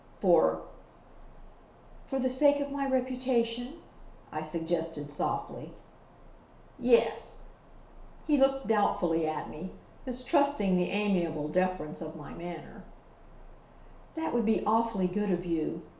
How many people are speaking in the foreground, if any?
One person.